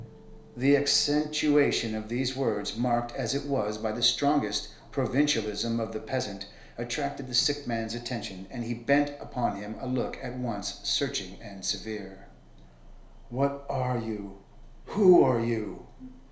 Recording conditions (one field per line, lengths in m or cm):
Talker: one person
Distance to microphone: 1.0 m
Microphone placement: close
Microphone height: 1.1 m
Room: small (3.7 m by 2.7 m)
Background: television